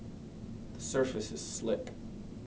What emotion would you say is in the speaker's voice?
neutral